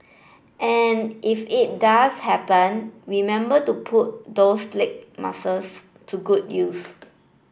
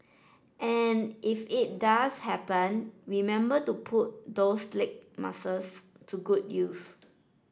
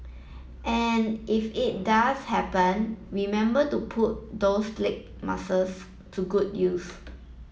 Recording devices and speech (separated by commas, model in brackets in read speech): boundary microphone (BM630), standing microphone (AKG C214), mobile phone (iPhone 7), read sentence